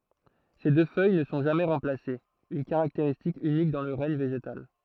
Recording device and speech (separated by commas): throat microphone, read sentence